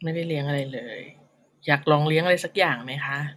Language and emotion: Thai, neutral